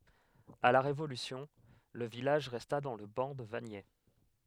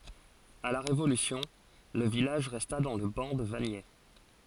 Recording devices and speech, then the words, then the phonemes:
headset microphone, forehead accelerometer, read sentence
À la Révolution, le village resta dans le ban de Vagney.
a la ʁevolysjɔ̃ lə vilaʒ ʁɛsta dɑ̃ lə bɑ̃ də vaɲɛ

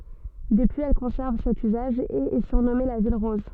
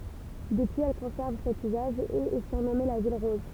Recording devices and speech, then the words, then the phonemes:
soft in-ear microphone, temple vibration pickup, read sentence
Depuis, elle conserve cet usage et est surnommée la ville rose.
dəpyiz ɛl kɔ̃sɛʁv sɛt yzaʒ e ɛ syʁnɔme la vil ʁɔz

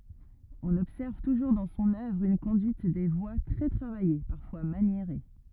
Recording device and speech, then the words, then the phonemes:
rigid in-ear microphone, read sentence
On observe toujours dans son œuvre une conduite des voix très travaillée, parfois maniérée.
ɔ̃n ɔbsɛʁv tuʒuʁ dɑ̃ sɔ̃n œvʁ yn kɔ̃dyit de vwa tʁɛ tʁavaje paʁfwa manjeʁe

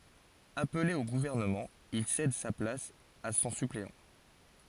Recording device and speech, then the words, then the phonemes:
forehead accelerometer, read sentence
Appelé au gouvernement, il cède sa place à son suppléant.
aple o ɡuvɛʁnəmɑ̃ il sɛd sa plas a sɔ̃ sypleɑ̃

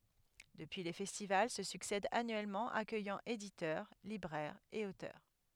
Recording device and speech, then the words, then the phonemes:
headset microphone, read sentence
Depuis les festivals se succèdent annuellement, accueillant éditeurs, libraires et auteurs.
dəpyi le fɛstival sə syksɛdt anyɛlmɑ̃ akœjɑ̃ editœʁ libʁɛʁz e otœʁ

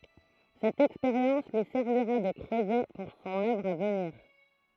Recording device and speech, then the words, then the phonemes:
throat microphone, read sentence
Cette expérience lui servira de creuset pour son œuvre à venir.
sɛt ɛkspeʁjɑ̃s lyi sɛʁviʁa də kʁøzɛ puʁ sɔ̃n œvʁ a vəniʁ

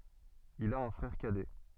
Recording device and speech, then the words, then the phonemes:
soft in-ear microphone, read sentence
Il a un frère cadet.
il a œ̃ fʁɛʁ kadɛ

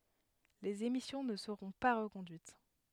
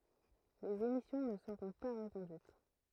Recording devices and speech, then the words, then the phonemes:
headset microphone, throat microphone, read sentence
Les émissions ne seront pas reconduites.
lez emisjɔ̃ nə səʁɔ̃ pa ʁəkɔ̃dyit

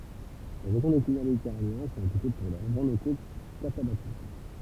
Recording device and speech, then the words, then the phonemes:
temple vibration pickup, read sentence
Les régions de climat méditerranéen sont réputées pour leurs vents locaux catabatiques.
le ʁeʒjɔ̃ də klima meditɛʁaneɛ̃ sɔ̃ ʁepyte puʁ lœʁ vɑ̃ loko katabatik

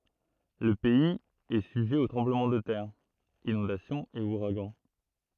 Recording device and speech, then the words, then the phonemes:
throat microphone, read sentence
Le pays est sujet aux tremblements de terre, inondations et ouragans.
lə pɛiz ɛ syʒɛ o tʁɑ̃bləmɑ̃ də tɛʁ inɔ̃dasjɔ̃z e uʁaɡɑ̃

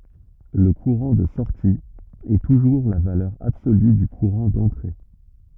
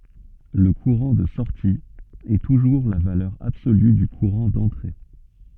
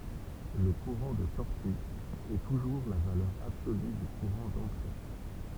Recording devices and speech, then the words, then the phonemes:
rigid in-ear microphone, soft in-ear microphone, temple vibration pickup, read sentence
Le courant de sortie est toujours la valeur absolue du courant d'entrée.
lə kuʁɑ̃ də sɔʁti ɛ tuʒuʁ la valœʁ absoly dy kuʁɑ̃ dɑ̃tʁe

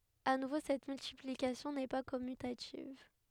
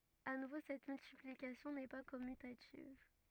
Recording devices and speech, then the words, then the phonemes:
headset microphone, rigid in-ear microphone, read sentence
À nouveau cette multiplication n'est pas commutative.
a nuvo sɛt myltiplikasjɔ̃ nɛ pa kɔmytativ

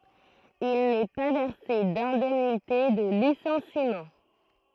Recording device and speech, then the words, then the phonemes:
throat microphone, read sentence
Il n'est pas versé d'indemnité de licenciement.
il nɛ pa vɛʁse dɛ̃dɛmnite də lisɑ̃simɑ̃

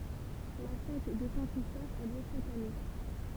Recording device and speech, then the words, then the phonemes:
temple vibration pickup, read sentence
La fête de Saint-Christophe a lieu chaque année.
la fɛt də sɛ̃ kʁistɔf a ljø ʃak ane

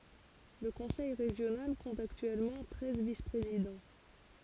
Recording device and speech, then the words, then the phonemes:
forehead accelerometer, read sentence
Le conseil régional compte actuellement treize vice-présidents.
lə kɔ̃sɛj ʁeʒjonal kɔ̃t aktyɛlmɑ̃ tʁɛz vispʁezidɑ̃

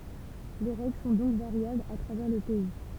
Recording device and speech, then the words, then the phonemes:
temple vibration pickup, read sentence
Les règles sont donc variables à travers le pays.
le ʁɛɡl sɔ̃ dɔ̃k vaʁjablz a tʁavɛʁ lə pɛi

